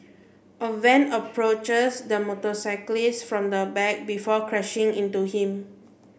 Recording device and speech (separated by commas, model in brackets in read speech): boundary microphone (BM630), read sentence